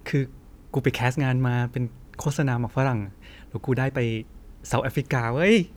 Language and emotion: Thai, happy